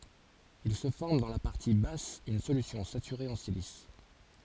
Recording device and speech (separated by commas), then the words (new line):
forehead accelerometer, read sentence
Il se forme dans la partie basse une solution saturée en silice.